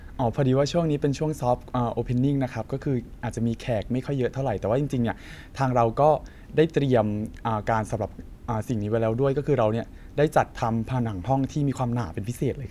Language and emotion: Thai, neutral